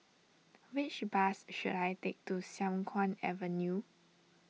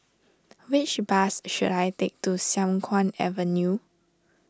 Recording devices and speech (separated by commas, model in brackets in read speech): mobile phone (iPhone 6), standing microphone (AKG C214), read sentence